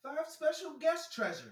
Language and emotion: English, happy